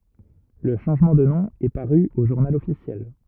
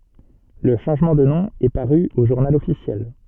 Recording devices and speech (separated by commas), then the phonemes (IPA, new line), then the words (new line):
rigid in-ear microphone, soft in-ear microphone, read sentence
lə ʃɑ̃ʒmɑ̃ də nɔ̃ ɛ paʁy o ʒuʁnal ɔfisjɛl
Le changement de nom est paru au journal officiel.